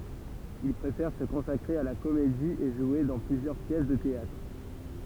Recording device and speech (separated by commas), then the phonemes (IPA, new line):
temple vibration pickup, read sentence
il pʁefɛʁ sə kɔ̃sakʁe a la komedi e ʒwe dɑ̃ plyzjœʁ pjɛs də teatʁ